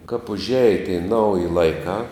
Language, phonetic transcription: Lithuanian, kap užˈeje tei ˈnauji laiˈkā

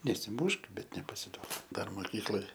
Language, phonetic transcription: Lithuanian, nesiˈmušk ˈbet nepasiˈduok ˈdar moˈkykloj

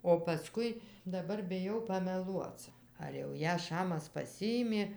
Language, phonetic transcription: Lithuanian, o paˈskui daˈbar biˈjau pameˈluoc ar jau ˈją ˈšamas pasˈiimė

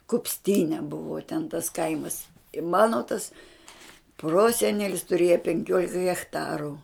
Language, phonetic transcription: Lithuanian, kupsˈtyne ˈbuvo ten tas ˈkaimas i ˈmano tas ˈprosenelis tuˈrėja penˈkiolika hechˈtaru

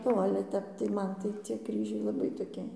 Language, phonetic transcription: Lithuanian, o ˈale ˈtep tai ˈman tai cie ˈkryžiai laˈbai toˈki

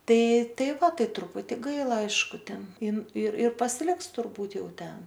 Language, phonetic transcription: Lithuanian, ˈtai ˈtai ˈva ˈtai truˈputi ˈgaila ˈaišku ˈten ˈin ir ir pasiˈliks turˈbūt' ˈjau ˈten

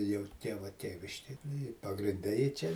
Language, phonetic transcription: Lithuanian, jau ˈtieva ˈtieviškėj ˈnu i pagrinˈde ji ˈčia

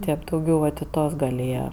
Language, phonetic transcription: Lithuanian, ˈtėp dauˈgiau vat i ˈtuos gal' ˈėje

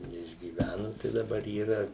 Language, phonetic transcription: Lithuanian, neišgyˈvænu tai daˈbar yˈra

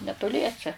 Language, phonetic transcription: Lithuanian, netoˈliese

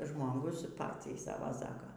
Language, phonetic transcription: Lithuanian, žmoˈgus ˈpaciai ˈsava ˈsaka

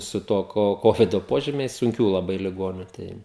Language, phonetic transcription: Lithuanian, su ˈtuo ˈko ˈkovido ˈpožymiais sunˈkių laˈbai liˈgoniu ˈtai

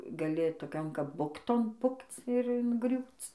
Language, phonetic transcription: Lithuanian, gaˈli toˈkion kap ˈbukton ˈpukc ir inˈgriūc

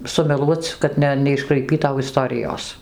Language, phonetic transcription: Lithuanian, sumeˈluoc kad ˈne neiškraiˈpytau iˈstorijos

